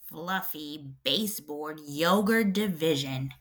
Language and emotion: English, disgusted